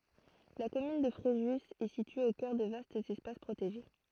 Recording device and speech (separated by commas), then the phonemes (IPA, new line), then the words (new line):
throat microphone, read sentence
la kɔmyn də fʁeʒy ɛ sitye o kœʁ də vastz ɛspas pʁoteʒe
La commune de Fréjus est située au cœur de vastes espaces protégés.